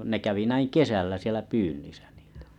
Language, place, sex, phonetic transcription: Finnish, Kalajoki, male, ne kävi näiŋ "kesällä sielä 'pyynnisä ɴɪɪtᴀ̈ .
- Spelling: ne kävi näin kesällä siellä pyynnissä niitä

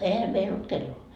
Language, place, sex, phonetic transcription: Finnish, Markkova, female, 'ehä meil ‿olt "kelloo .
- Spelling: eihän meillä ollut kelloa

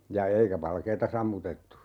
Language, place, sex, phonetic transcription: Finnish, Urjala, male, ja "eikä 'valkeeta 'sammutettu .
- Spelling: ja eikä valkeaa sammutettu

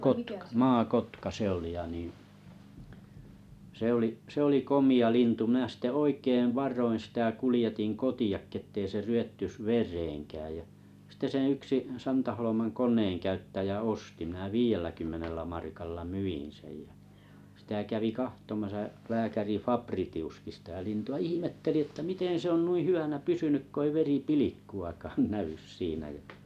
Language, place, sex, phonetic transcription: Finnish, Kalajoki, male, kotka 'maa'kotka sᵉ ‿oli ja nìⁱ̰ , 'se ‿oli 's ‿oli 'komi₍ a 'lintu mⁱnä̀ sⁱte "oikeiv "var̆roin sⁱtä 'kulⁱjetiŋ "koti₍akki ᵉttei se 'ry₍ettys "ver̀eeŋkääj jä , sⁱte sen̬ 'yksi 'Santaholomann 'kon̆neeŋkäyttäjä "osti mⁱnä "viijelläkymmenellä 'markalla "myin seᴊ ᴊᴀ̈ , sⁱtä 'kävi 'kahtomasa 'lääkäri "Faprḭtḭuskḭ sitä 'lintu₍a 'ihimetteli että 'miten se on "hyvänä "pysynyk ko ‿ei 'veri"pilikkuaaakan 'näʷys 'siinä jᴀ̈ .
- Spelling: kotka maakotka se oli ja niin se oli se oli komea lintu minä sitten oikein varoen sitä kuljetin kotiinkin että ei se ryvettyisi vereenkään ja sitten sen yksi Santaholman koneenkäyttäjä osti minä viidelläkymmenellä markalla myin sen ja sitä kävi katsomassa lääkäri Fabritiuskin sitä lintua ihmetteli että miten se on hyvänä pysynyt kun ei veripilkkuakaan näy siinä ja

